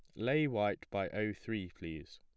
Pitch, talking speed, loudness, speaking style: 105 Hz, 185 wpm, -37 LUFS, plain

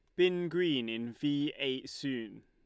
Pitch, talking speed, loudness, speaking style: 140 Hz, 160 wpm, -33 LUFS, Lombard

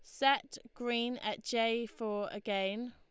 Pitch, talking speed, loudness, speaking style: 235 Hz, 135 wpm, -35 LUFS, Lombard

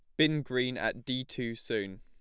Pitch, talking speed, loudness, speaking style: 125 Hz, 200 wpm, -32 LUFS, plain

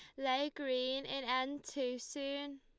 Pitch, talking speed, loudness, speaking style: 270 Hz, 150 wpm, -38 LUFS, Lombard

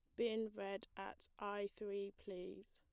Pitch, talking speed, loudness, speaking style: 200 Hz, 145 wpm, -47 LUFS, plain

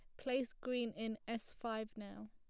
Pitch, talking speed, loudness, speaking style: 225 Hz, 170 wpm, -43 LUFS, plain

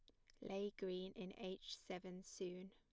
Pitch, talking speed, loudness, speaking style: 190 Hz, 160 wpm, -50 LUFS, plain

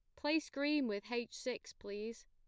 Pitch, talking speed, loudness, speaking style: 245 Hz, 175 wpm, -40 LUFS, plain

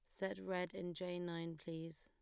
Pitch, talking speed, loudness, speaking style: 175 Hz, 200 wpm, -45 LUFS, plain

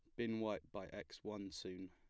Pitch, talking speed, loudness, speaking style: 105 Hz, 210 wpm, -47 LUFS, plain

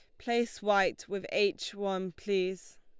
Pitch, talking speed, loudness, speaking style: 200 Hz, 140 wpm, -32 LUFS, Lombard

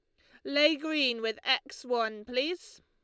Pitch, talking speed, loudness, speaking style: 260 Hz, 155 wpm, -29 LUFS, Lombard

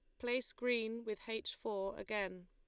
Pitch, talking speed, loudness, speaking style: 220 Hz, 160 wpm, -40 LUFS, Lombard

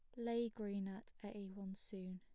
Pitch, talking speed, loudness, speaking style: 200 Hz, 185 wpm, -46 LUFS, plain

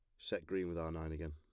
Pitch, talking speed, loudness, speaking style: 80 Hz, 320 wpm, -42 LUFS, plain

